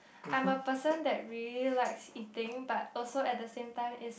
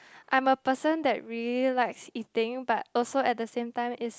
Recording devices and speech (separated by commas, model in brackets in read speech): boundary microphone, close-talking microphone, conversation in the same room